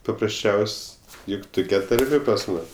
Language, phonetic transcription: Lithuanian, paprasˈčiaus' ˈjuk ˈtukia tarˈmė pas ˈmus

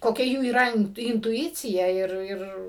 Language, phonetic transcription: Lithuanian, koˈkia ˈjų yˈra intuˈicija ˈir ˈir

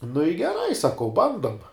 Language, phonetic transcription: Lithuanian, nu i geˈrai saˈkau ˈbandom

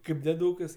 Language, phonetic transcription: Lithuanian, ˈkaip dėˈdūkas

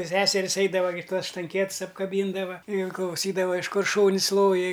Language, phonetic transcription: Lithuanian, ˈseseris ˈaidava gi ˈtuos štanˈkiets apkaˈbyndava in klauˈsydava iš ˈkur ˈšūn's' ˈloji

